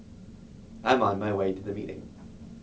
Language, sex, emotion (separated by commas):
English, male, neutral